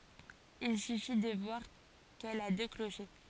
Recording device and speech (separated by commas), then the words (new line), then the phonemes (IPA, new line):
forehead accelerometer, read sentence
Il suffit de voir qu'elle a deux clochers.
il syfi də vwaʁ kɛl a dø kloʃe